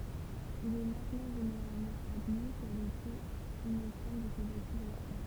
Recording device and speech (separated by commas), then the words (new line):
temple vibration pickup, read sentence
Il est maintenant généralement admis qu'elle était innocente de ces accusations.